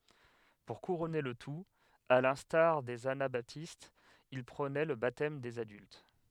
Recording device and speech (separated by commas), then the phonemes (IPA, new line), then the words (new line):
headset microphone, read sentence
puʁ kuʁɔne lə tut a lɛ̃staʁ dez anabatistz il pʁonɛ lə batɛm dez adylt
Pour couronner le tout, à l'instar des anabaptistes, il prônait le baptême des adultes.